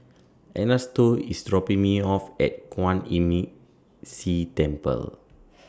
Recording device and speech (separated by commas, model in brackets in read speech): standing microphone (AKG C214), read sentence